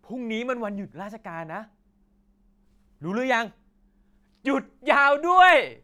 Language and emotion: Thai, happy